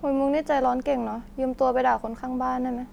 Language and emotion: Thai, neutral